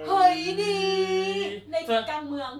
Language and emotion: Thai, happy